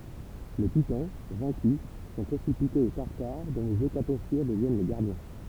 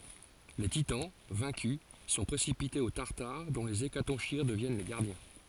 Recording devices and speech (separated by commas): temple vibration pickup, forehead accelerometer, read sentence